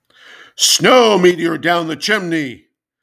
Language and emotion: English, sad